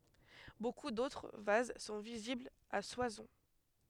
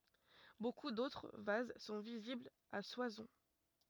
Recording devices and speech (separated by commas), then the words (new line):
headset microphone, rigid in-ear microphone, read sentence
Beaucoup d'autres vases sont visibles à Soissons.